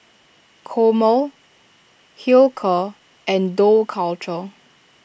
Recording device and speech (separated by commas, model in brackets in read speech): boundary microphone (BM630), read sentence